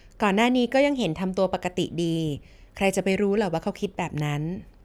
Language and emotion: Thai, neutral